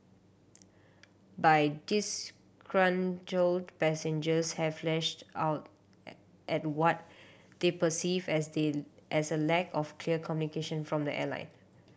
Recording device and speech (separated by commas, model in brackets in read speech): boundary microphone (BM630), read sentence